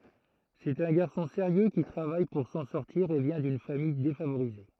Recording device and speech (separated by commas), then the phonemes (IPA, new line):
throat microphone, read sentence
sɛt œ̃ ɡaʁsɔ̃ seʁjø ki tʁavaj puʁ sɑ̃ sɔʁtiʁ e vjɛ̃ dyn famij defavoʁize